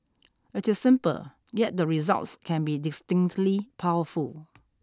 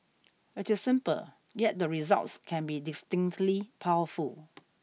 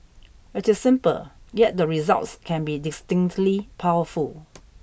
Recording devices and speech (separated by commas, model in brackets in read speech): standing microphone (AKG C214), mobile phone (iPhone 6), boundary microphone (BM630), read sentence